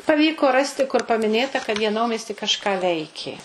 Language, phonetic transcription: Lithuanian, paˈvyko ˈrasti kur pamiˈnėta kad jie ˈnaumiesty kažˈką ˈveikė

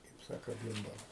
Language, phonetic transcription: Lithuanian, kaip ˈsako ˈbymbala

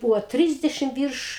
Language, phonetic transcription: Lithuanian, ˈbūvo ˈtrisdešim ˈvyrš

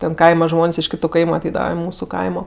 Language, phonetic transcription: Lithuanian, ten ˈkaima ˈžmon's' iš ˈkitu ˈkaimu aˈteidava i ˈmūsu ˈkaimo

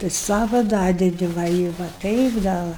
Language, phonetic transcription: Lithuanian, tai ˈsava ˈdadedi ˈva i va ˈtaip da ˈva

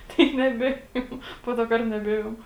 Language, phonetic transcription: Lithuanian, ˈtai neˈbėjom ˈpo to ˈkart neˈbėjom

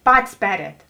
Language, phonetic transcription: Lithuanian, ˈpatis ˈperēt

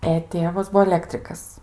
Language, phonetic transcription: Lithuanian, e ˈtėvas ˈbuo aˈlektrikas

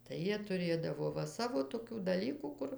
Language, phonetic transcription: Lithuanian, tai ˈjie tuˈrėdavo ˈva ˈsavo toˈkių daˈlykų ˈkur

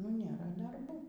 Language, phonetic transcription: Lithuanian, nu ˈnėra darˈbų

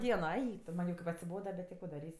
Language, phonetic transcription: Lithuanian, ˈdieno ˈeik tu ˈman' jau kaip atsiˈboda bet ti ˈko daˈrys'

